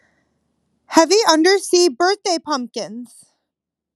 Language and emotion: English, surprised